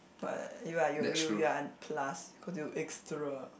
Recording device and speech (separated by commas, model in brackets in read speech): boundary microphone, conversation in the same room